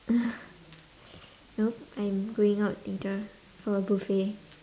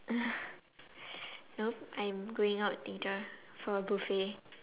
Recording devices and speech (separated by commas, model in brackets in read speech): standing microphone, telephone, conversation in separate rooms